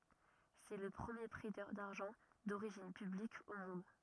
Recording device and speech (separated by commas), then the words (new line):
rigid in-ear microphone, read sentence
C'est le premier prêteur d’argent d'origine publique au monde.